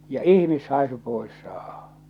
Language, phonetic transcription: Finnish, ja "ihmishàesu 'pòes saahᴀ .
- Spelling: ja ihmishaisu pois saada

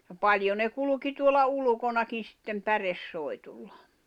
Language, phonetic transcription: Finnish, ja "paljo ne 'kulᵘki tuola 'ulᵘkonakin̬ sittem "päres'soi̬tullᴀ .
- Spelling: ja paljon ne kulki tuolla ulkonakin sitten päresoihduilla

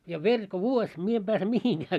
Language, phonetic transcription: Finnish, ja 'veŕ ko 'vuoś , 'mie em ʙääse 'mihiŋɢää .
- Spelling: ja veri kun vuosi minä en pääse mihinkään

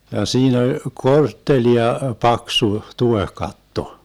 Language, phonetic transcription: Finnish, ja 'siin ‿oĺ , "korttelia 'paksu 'tuehkatto .
- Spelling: ja siinä oli korttelia paksu tuohikatto

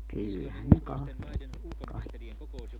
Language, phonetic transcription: Finnish, 'kyllähän ne 'kahtel , kai(kkia) .
- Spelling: kyllähän ne katseli kaikkia

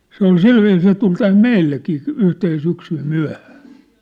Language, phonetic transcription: Finnish, 'se ‿ol "silviis se tul 'täm "meillekii , 'yhten 'syksym "myä̭hᴀ̈ᴀ̈ .
- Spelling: se oli sillä viisiin se tuli tänne meillekin yhtenä syksynä myöhään

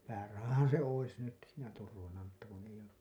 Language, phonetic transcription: Finnish, 'päärahahan̬ se 'ois nyt , siinä 'turvana mutta kun eiʲ ‿oo ...
- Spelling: päärahahan se olisi nyt siinä turvana mutta kun ei ole

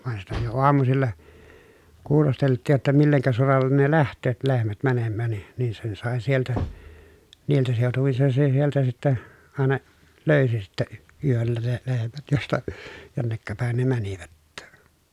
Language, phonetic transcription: Finnish, van sitä jo oamusilla , kuulostelt̆tiij jotta milleŋkä solallen ne läht̆tööt lehmät mänemmään ni , nin sen sàe sieltä , niiltä sèotuvin sen se sieltä sittä , àena , löysi sittä , yöllä ne lehmät josta , jonnekka pä̀en ne mänivät .
- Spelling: vaan sitä jo aamusilla kuulosteltiin jotta millekä solalle ne lähtevät lehmät menemään niin niin sen sai sieltä niiltä seutuvin sen se sieltä sitten aina löysi sitten yöllä ne lehmät josta jonneka päin ne menivät

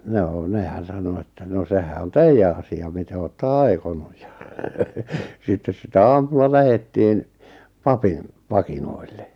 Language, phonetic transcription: Finnish, 'noo 'nehän̬ sano että » no 'sehä on "teijjä asi₍a 'mite ootta "ai̬konuj « ja , 'sittes sitä 'aamulla 'lähettiin , "papin , "pakinoille .
- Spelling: no nehän sanoi että no sehän on teidän asia miten olette aikonut ja sitten sitä aamulla lähdettiin papin pakinoille

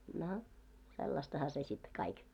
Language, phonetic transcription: Finnish, no , 'sellastaha se sit 'kaik .
- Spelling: no sellaistahan se sitten kaikki

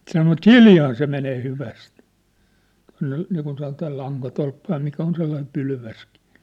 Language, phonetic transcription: Finnish, sanovat "k̳iljaan se menee 'hyväst , tua̭nne , niikun sanotaa 'laŋkatolppa ja mikä on sellaim 'pylväskɪ .
- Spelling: sanovat kiljaan se menee hyvästi tuonne niin kuin sanotaan lankatolppa ja mikä on sellainen pylväskin

